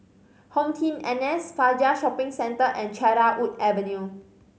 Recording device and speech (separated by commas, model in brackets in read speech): mobile phone (Samsung C5010), read sentence